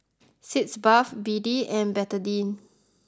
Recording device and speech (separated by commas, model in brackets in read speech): close-talking microphone (WH20), read sentence